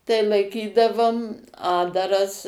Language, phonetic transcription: Lithuanian, tai laiˈkydavom ˈatdaras

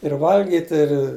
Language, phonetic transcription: Lithuanian, ir ˈvalgiti ir

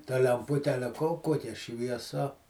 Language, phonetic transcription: Lithuanian, ta lemˈpute ˈale ko ˈkokia švieˈsa

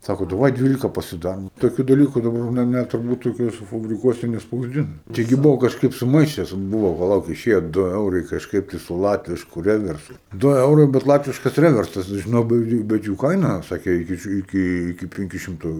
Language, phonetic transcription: Lithuanian, ˈsako daˈvai ˈdvylika pasiˈdarom toˈkiu daˈlyku daˈbar jau ˈne ˈne turˈbūt toˈkiuose fabriˈkuose nespausˈdina taiˈgi ˈbuvo kažˈkaip suˈmaišes ˈbuvo paˈlauk iˈšėjo ˈdu ˈeurai kažˈkaip tai su ˈlatvišku ˈreversu ˈdu ˈeurai bet ˈlatviškas ˈreversas žiˈnau bet ˈjų bet ˈjų ˈkaina ˈsake ˈiki ši ˈiki iki ˈpenkiu ˈšimtu

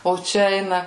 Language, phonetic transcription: Lithuanian, o ˈčia ˈeina

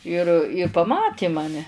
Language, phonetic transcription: Lithuanian, ir i paˈmatė maˈne

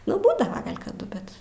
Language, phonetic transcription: Lithuanian, nu ˈbūdava ˈgal' kaˈdu ˈbet

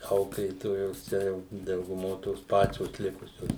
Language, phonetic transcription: Lithuanian, ˈauklėtojos ˈčia jau dauguˈmo tos ˈpačios ˈlikusios

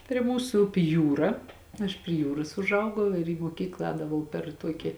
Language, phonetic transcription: Lithuanian, prie ˈmūsu ˈupi ˈjūra aš prie ˈjūros užˈaugau ir į moˈkyklą ˈēdavau per ˈtuoki

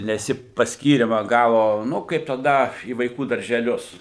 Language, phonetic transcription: Lithuanian, nes ˈji pasˈkyrimą ˈgavo ˈnu kaip taˈda į vaiˈkų daržeˈlius

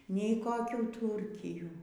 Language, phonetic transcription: Lithuanian, nei koˈkių ˈtūrkijų

